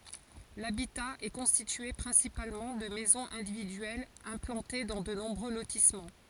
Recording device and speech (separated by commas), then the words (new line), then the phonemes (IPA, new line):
forehead accelerometer, read sentence
L'habitat est constitué principalement de maisons individuelles implantées dans de nombreux lotissements.
labita ɛ kɔ̃stitye pʁɛ̃sipalmɑ̃ də mɛzɔ̃z ɛ̃dividyɛlz ɛ̃plɑ̃te dɑ̃ də nɔ̃bʁø lotismɑ̃